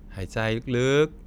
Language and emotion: Thai, neutral